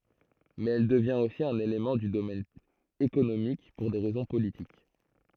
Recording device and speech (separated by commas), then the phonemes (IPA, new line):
throat microphone, read sentence
mɛz ɛl dəvjɛ̃t osi œ̃n elemɑ̃ dy domɛn ekonomik puʁ de ʁɛzɔ̃ politik